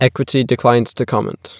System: none